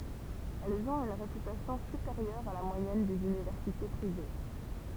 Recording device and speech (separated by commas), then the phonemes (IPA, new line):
temple vibration pickup, read sentence
ɛlz ɔ̃t yn ʁepytasjɔ̃ sypeʁjœʁ a la mwajɛn dez ynivɛʁsite pʁive